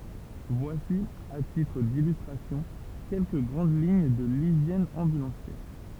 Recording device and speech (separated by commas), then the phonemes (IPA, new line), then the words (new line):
temple vibration pickup, read sentence
vwasi a titʁ dilystʁasjɔ̃ kɛlkə ɡʁɑ̃d liɲ də liʒjɛn ɑ̃bylɑ̃sjɛʁ
Voici à titre d'illustration quelques grandes lignes de l'hygiène ambulancière.